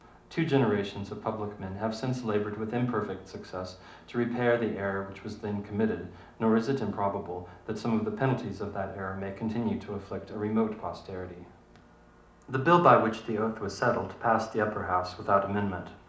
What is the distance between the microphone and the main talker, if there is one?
2.0 m.